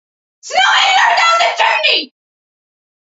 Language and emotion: English, surprised